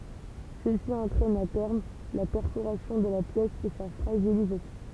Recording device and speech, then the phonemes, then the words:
temple vibration pickup, read sentence
səsi ɑ̃tʁɛn a tɛʁm la pɛʁfoʁasjɔ̃ də la pjɛs e sa fʁaʒilizasjɔ̃
Ceci entraîne à terme la perforation de la pièce et sa fragilisation.

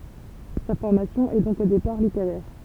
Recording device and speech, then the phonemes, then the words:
temple vibration pickup, read sentence
sa fɔʁmasjɔ̃ ɛ dɔ̃k o depaʁ liteʁɛʁ
Sa formation est donc au départ littéraire.

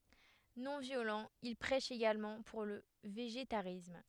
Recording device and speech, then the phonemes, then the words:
headset microphone, read sentence
nɔ̃ vjolɑ̃ il pʁɛʃ eɡalmɑ̃ puʁ lə veʒetaʁism
Non-violent, il prêche également pour le végétarisme.

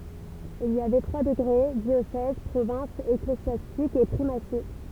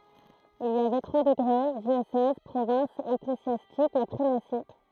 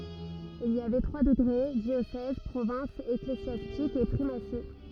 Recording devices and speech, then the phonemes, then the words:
temple vibration pickup, throat microphone, rigid in-ear microphone, read sentence
il i avɛ tʁwa dəɡʁe djosɛz pʁovɛ̃s eklezjastik e pʁimasi
Il y avait trois degrés, diocèse, province ecclésiastique et primatie.

